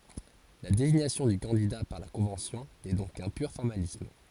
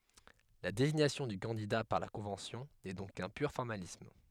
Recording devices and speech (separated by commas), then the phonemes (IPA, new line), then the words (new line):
forehead accelerometer, headset microphone, read sentence
la deziɲasjɔ̃ dy kɑ̃dida paʁ la kɔ̃vɑ̃sjɔ̃ nɛ dɔ̃k kœ̃ pyʁ fɔʁmalism
La désignation du candidat par la Convention n'est donc qu'un pur formalisme.